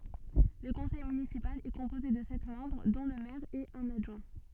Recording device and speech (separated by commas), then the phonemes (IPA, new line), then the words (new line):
soft in-ear microphone, read sentence
lə kɔ̃sɛj mynisipal ɛ kɔ̃poze də sɛt mɑ̃bʁ dɔ̃ lə mɛʁ e œ̃n adʒwɛ̃
Le conseil municipal est composé de sept membres dont le maire et un adjoint.